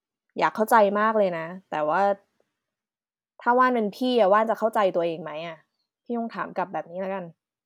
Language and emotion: Thai, frustrated